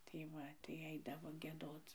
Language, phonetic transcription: Lithuanian, tai ˈva tai ˈaidavo gieˈdoc

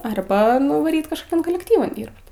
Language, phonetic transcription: Lithuanian, arˈba nuvaˈryt kažkoˈkian kolekˈtyvan ˈdyrbt

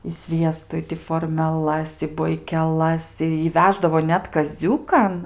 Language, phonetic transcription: Lithuanian, i ˈsviestu i ti formeˈlas i boikeˈlas ˈi i ˈveždavo ˈnet kaˈziūkan

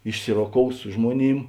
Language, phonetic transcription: Lithuanian, išˈsiroˌkous ˈsu žmuoˌnym

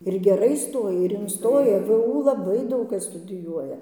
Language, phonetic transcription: Lithuanian, ir geˈrai ˈstoja ir inˈstoja vu laˈbai ˈdaug ˈkas studiˈjuoja

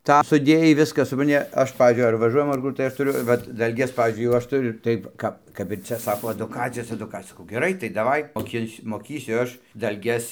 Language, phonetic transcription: Lithuanian, ˈtą suˈdėjai ˈviskas supranˈti ˈaš ˈpavyzdžiui ar vaˈžuojam ar ˈkur tai ˈaš tuˈriu ˈvat dalˈges ˈpavyzdžiui jau ˈaš tuˈriu ˈtaip ˈkap kap ir ˈcia ˈsako aduˈkacijos eduˈkacijos saˈkau geˈrai tai daˈvai moˈkinsiu moˈkysiu ˈaš dalˈges

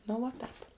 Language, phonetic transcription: Lithuanian, nu vuo ˈtāp

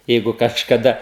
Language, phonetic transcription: Lithuanian, ˈjeigu kažkaˈda

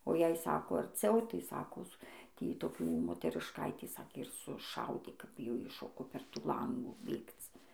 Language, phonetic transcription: Lithuanian, o jei ˈsako arˈciau tai ˈsakos ˈtį toˈkių moterišˈkaitį ˈsakė ir suˈšaudė ˈkap jau ˈji ˈšoko per ˈtų ˈlangų ˈbėgc

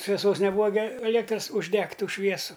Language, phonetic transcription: Lithuanian, šveˈsos neˈbūa gi aˈliektras užˈdegt' ˈtų ˈšviesu

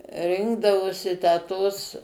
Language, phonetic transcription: Lithuanian, ˈrinkdavosi tę ˈtos

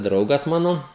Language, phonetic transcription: Lithuanian, ˈdraugas ˈmano

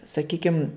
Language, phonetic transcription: Lithuanian, saˈkykim

